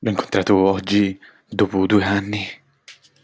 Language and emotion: Italian, fearful